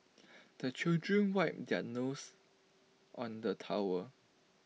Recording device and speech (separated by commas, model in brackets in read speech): mobile phone (iPhone 6), read sentence